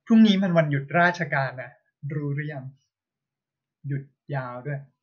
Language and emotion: Thai, neutral